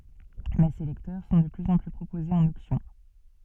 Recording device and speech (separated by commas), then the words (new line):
soft in-ear microphone, read sentence
Mais ces lecteurs sont de plus en plus proposés en option.